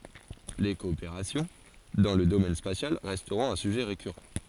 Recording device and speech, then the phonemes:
forehead accelerometer, read sentence
le kɔopeʁasjɔ̃ dɑ̃ lə domɛn spasjal ʁɛstʁɔ̃t œ̃ syʒɛ ʁekyʁɑ̃

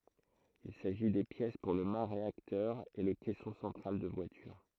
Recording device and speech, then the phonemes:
throat microphone, read sentence
il saʒi de pjɛs puʁ lə ma ʁeaktœʁ e lə kɛsɔ̃ sɑ̃tʁal də vwalyʁ

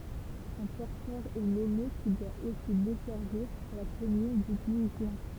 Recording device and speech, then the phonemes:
temple vibration pickup, read sentence
œ̃ pɔʁtœʁ ɛ nɔme ki dwa osi dɛsɛʁviʁ la kɔmyn dy ɡislɛ̃

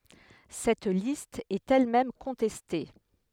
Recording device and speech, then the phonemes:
headset microphone, read sentence
sɛt list ɛt ɛl mɛm kɔ̃tɛste

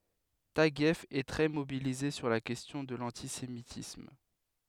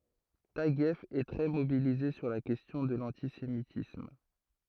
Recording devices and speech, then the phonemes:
headset microphone, throat microphone, read sentence
taɡjɛf ɛ tʁɛ mobilize syʁ la kɛstjɔ̃ də lɑ̃tisemitism

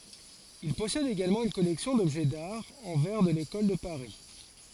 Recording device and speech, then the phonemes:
forehead accelerometer, read sentence
il pɔsɛd eɡalmɑ̃ yn kɔlɛksjɔ̃ dɔbʒɛ daʁ ɑ̃ vɛʁ də lekɔl də paʁi

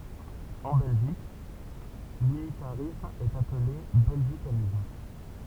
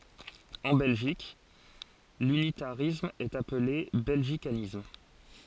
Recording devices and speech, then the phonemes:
temple vibration pickup, forehead accelerometer, read sentence
ɑ̃ bɛlʒik lynitaʁism ɛt aple bɛlʒikanism

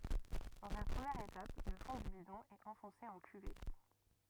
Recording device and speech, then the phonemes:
rigid in-ear microphone, read sentence
dɑ̃z yn pʁəmjɛʁ etap lə fɔ̃ dy bidɔ̃ ɛt ɑ̃fɔ̃se ɑ̃ kyvɛt

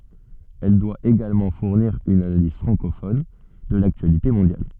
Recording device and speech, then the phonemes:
soft in-ear microphone, read sentence
ɛl dwa eɡalmɑ̃ fuʁniʁ yn analiz fʁɑ̃kofɔn də laktyalite mɔ̃djal

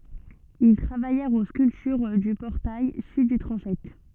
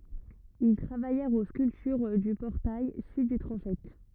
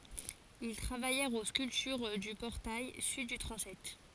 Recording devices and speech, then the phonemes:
soft in-ear microphone, rigid in-ear microphone, forehead accelerometer, read sentence
il tʁavajɛʁt o skyltyʁ dy pɔʁtaj syd dy tʁɑ̃sɛt

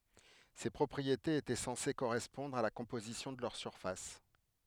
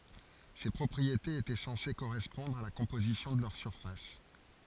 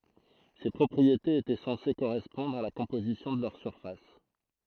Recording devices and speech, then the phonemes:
headset microphone, forehead accelerometer, throat microphone, read sentence
se pʁɔpʁietez etɛ sɑ̃se koʁɛspɔ̃dʁ a la kɔ̃pozisjɔ̃ də lœʁ syʁfas

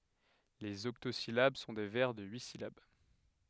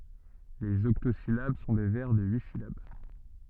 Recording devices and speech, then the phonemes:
headset microphone, soft in-ear microphone, read sentence
lez ɔktozilab sɔ̃ de vɛʁ də yi silab

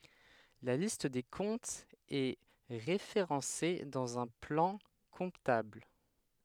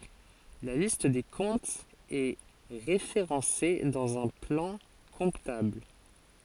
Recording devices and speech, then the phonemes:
headset microphone, forehead accelerometer, read sentence
la list de kɔ̃tz ɛ ʁefeʁɑ̃se dɑ̃z œ̃ plɑ̃ kɔ̃tabl

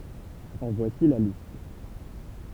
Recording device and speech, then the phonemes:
temple vibration pickup, read sentence
ɑ̃ vwasi la list

